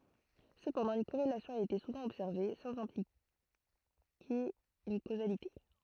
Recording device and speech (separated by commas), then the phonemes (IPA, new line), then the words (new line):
throat microphone, read sentence
səpɑ̃dɑ̃ yn koʁelasjɔ̃ a ete suvɑ̃ ɔbsɛʁve sɑ̃z ɛ̃plike yn kozalite
Cependant, une corrélation a été souvent observée, sans impliquer une causalité.